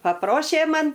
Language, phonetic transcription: Lithuanian, paˈprošė ˈman

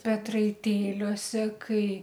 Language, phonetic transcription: Lithuanian, petraiˈtėliuose ˈkai

